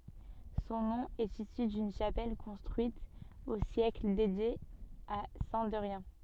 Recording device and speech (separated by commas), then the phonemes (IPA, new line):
soft in-ear microphone, read sentence
sɔ̃ nɔ̃ ɛt isy dyn ʃapɛl kɔ̃stʁyit o sjɛkl dedje a sɛ̃ dɛʁjɛ̃